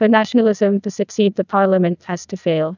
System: TTS, neural waveform model